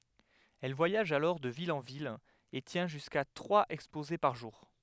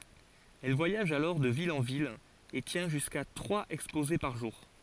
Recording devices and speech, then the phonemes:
headset microphone, forehead accelerometer, read sentence
ɛl vwajaʒ alɔʁ də vil ɑ̃ vil e tjɛ̃ ʒyska tʁwaz ɛkspoze paʁ ʒuʁ

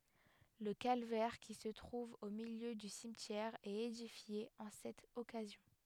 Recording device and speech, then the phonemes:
headset microphone, read sentence
lə kalvɛʁ ki sə tʁuv o miljø dy simtjɛʁ ɛt edifje ɑ̃ sɛt ɔkazjɔ̃

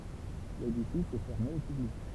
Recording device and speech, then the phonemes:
temple vibration pickup, read sentence
ledifis ɛ fɛʁme o pyblik

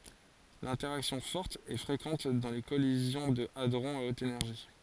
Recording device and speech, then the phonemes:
forehead accelerometer, read sentence
lɛ̃tɛʁaksjɔ̃ fɔʁt ɛ fʁekɑ̃t dɑ̃ le kɔlizjɔ̃ də adʁɔ̃z a ot enɛʁʒi

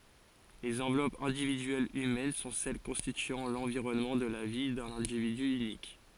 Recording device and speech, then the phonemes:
forehead accelerometer, read sentence
lez ɑ̃vlɔpz ɛ̃dividyɛlz ymɛn sɔ̃ sɛl kɔ̃stityɑ̃ lɑ̃viʁɔnmɑ̃ də la vi dœ̃n ɛ̃dividy ynik

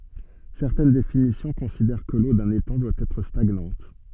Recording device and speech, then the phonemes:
soft in-ear microphone, read sentence
sɛʁtɛn definisjɔ̃ kɔ̃sidɛʁ kə lo dœ̃n etɑ̃ dwa ɛtʁ staɡnɑ̃t

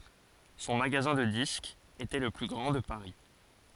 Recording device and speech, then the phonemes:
forehead accelerometer, read sentence
sɔ̃ maɡazɛ̃ də diskz etɛ lə ply ɡʁɑ̃ də paʁi

